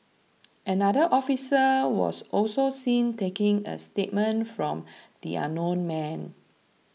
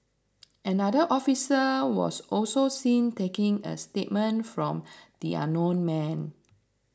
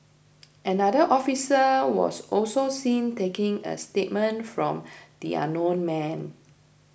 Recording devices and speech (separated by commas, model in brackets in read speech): mobile phone (iPhone 6), standing microphone (AKG C214), boundary microphone (BM630), read sentence